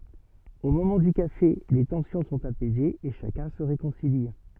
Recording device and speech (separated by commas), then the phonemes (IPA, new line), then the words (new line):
soft in-ear microphone, read sentence
o momɑ̃ dy kafe le tɑ̃sjɔ̃ sɔ̃t apɛzez e ʃakœ̃ sə ʁekɔ̃sili
Au moment du café, les tensions sont apaisées et chacun se réconcilie.